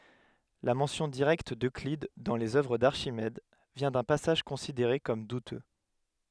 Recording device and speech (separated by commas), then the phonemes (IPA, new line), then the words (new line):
headset microphone, read sentence
la mɑ̃sjɔ̃ diʁɛkt døklid dɑ̃ lez œvʁ daʁʃimɛd vjɛ̃ dœ̃ pasaʒ kɔ̃sideʁe kɔm dutø
La mention directe d’Euclide dans les œuvres d’Archimède vient d’un passage considéré comme douteux.